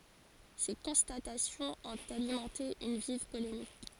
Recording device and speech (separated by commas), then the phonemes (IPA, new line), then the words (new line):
forehead accelerometer, read sentence
se kɔ̃statasjɔ̃z ɔ̃t alimɑ̃te yn viv polemik
Ces constatations ont alimenté une vive polémique.